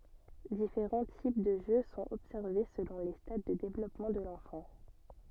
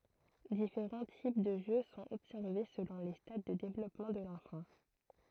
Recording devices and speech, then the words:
soft in-ear microphone, throat microphone, read sentence
Différents types de jeu sont observés selon les stades de développement de l’enfant.

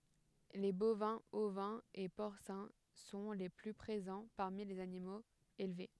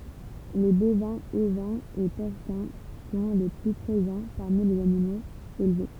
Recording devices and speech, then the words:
headset microphone, temple vibration pickup, read sentence
Les bovins, ovins et porcins sont les plus présents parmi les animaux élevés.

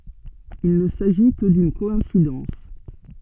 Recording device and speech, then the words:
soft in-ear microphone, read sentence
Il ne s'agit que d'une coïncidence.

